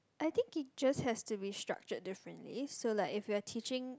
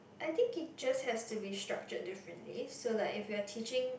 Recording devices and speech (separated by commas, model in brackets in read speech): close-talking microphone, boundary microphone, conversation in the same room